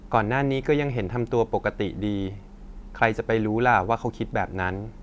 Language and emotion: Thai, neutral